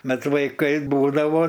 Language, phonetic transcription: Lithuanian, ˈbet vaiˈkai ˈbūdavo

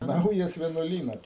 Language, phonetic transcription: Lithuanian, ˈnaujas vienuoˈlynas

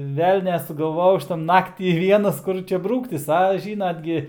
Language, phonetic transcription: Lithuanian, ˈvelnią sugalˈvojau ˈaš ta ˈnaktį ˈvienas ˈkur čia brūktis a ˈžynat gi

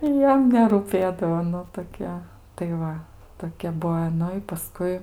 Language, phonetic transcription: Lithuanian, ˈjam nerūˈpėdavo ˈnu toˈkia tai ˈva toˈkia ˈbuo i ˈnu i paˈskui

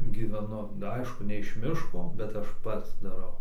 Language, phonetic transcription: Lithuanian, gyveˈnu ˈaišku ne iš ˈmiško bet ˈaš ˈpats daˈrau

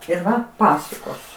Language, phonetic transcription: Lithuanian, ir ˈva ˈpasukos

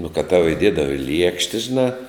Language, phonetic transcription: Lithuanian, nu kad tau iˈdiedava i ˈliekšte žiˈnā

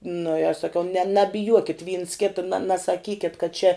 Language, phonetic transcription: Lithuanian, nu i aš saˈkiau ne nabiˈjuokit vyns ˈkita na nasaˈkyket kad čia

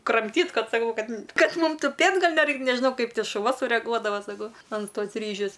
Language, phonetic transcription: Lithuanian, kramˈtyt ˈkad saˈkau ˈkad ˈkad ˈmūm tuˈpėt' ˈgal neˈraikt nežiˈnau ˈkaip šuˈva sureˈguodava saˈkau an ˈtos ˈryžius

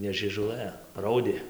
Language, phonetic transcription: Lithuanian, ne žiežuˈlɘ ˈraudė

